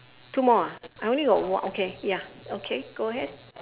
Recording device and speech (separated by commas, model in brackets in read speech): telephone, conversation in separate rooms